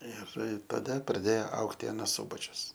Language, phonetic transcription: Lithuanian, ˈir taˈda praˈdėjo ˈaugti aˈnas ˈsubačius

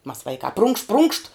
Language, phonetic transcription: Lithuanian, mas ˈvaikā prunkšt prunkšt

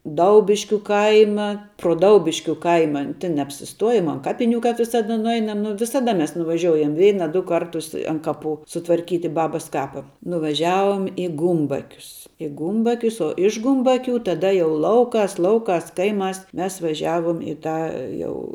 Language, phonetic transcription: Lithuanian, ˈdaubiškiu ˈkaima pro ˈdaubiškiu ˈkaima tin neapsisˈtuojom an ˈkapiniu kap visaˈda nuˈeinam ˈnu visaˈda ˈmes nuvaˈžioujam ˈveina ˈdu ˈkartus an ˈkaˌpu sutvarˈkyti ˈbabas ˈkapa nuvaˈžiavom i ˈgumbakius i ˈgumbakius o iš ˈgumbaˌkiu taˈda jau ˈlauˌkās ˈlauˌkās ˈkaiˌmās ˈmes vaˈžiavom i ˈtą ˈjau

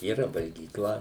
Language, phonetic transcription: Lithuanian, yˈra valgyˈkla

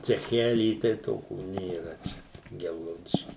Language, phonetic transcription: Lithuanian, ceˈchelį tai ˈtokių nėˈra čia ˈgelgaudišky

